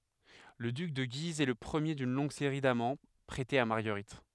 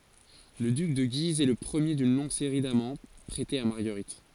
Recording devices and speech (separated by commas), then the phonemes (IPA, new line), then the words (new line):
headset microphone, forehead accelerometer, read sentence
lə dyk də ɡiz ɛ lə pʁəmje dyn lɔ̃ɡ seʁi damɑ̃ pʁɛtez a maʁɡəʁit
Le duc de Guise est le premier d’une longue série d'amants prêtés à Marguerite.